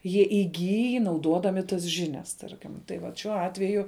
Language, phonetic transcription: Lithuanian, jie iˈgyj nauˈdodami tas ˈžiˌnias ˈtarkim tai ˈvat šiuo ˈatveju

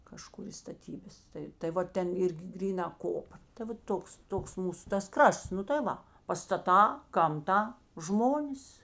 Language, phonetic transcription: Lithuanian, kaˈžkur i staˈtybas ˈtai tai ˈva ˈten ˈirgi ˈgryˌna ˈkopa tai ˈva ˈtoks ˈtoks ˈmūsu tas ˈkrašts ˈnu tai ˈva pastaˈtā gamˈta ˈžmonis

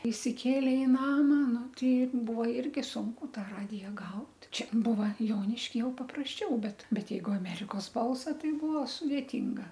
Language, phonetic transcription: Lithuanian, isiˈkėlė i ˈnama ˈnu ˈtai ˈbuvo ˈirgi ˈsunku ˈtą ˈradija ˈgaut ˈčia ˈbūva ˈjoniški ˈjau paprasˈčiau ˈbet ˈbet ˈjeigu aˈmerikos ˈbalsa ˈtai ˈbūva sudėˈtynga

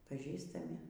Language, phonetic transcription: Lithuanian, paˈžįstami

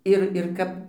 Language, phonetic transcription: Lithuanian, ˈir ir ˈkap

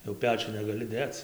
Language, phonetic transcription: Lithuanian, jau ˈpečiun negaˈli ˈdėc

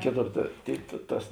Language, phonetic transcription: Lithuanian, ˈkėˌtor ta ˈtėi ta ˈtas

